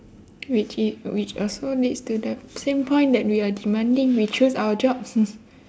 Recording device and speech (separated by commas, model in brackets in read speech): standing microphone, conversation in separate rooms